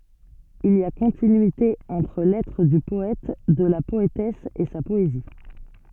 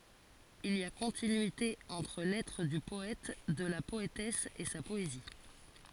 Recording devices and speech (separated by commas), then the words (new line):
soft in-ear microphone, forehead accelerometer, read sentence
Il y a continuité entre l'être du poète, de la poétesse, et sa poésie.